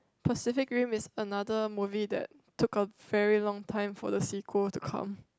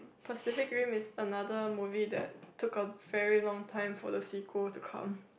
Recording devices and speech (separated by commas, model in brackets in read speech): close-talking microphone, boundary microphone, conversation in the same room